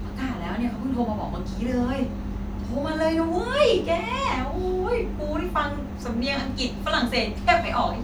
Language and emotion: Thai, happy